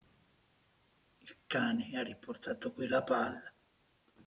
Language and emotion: Italian, sad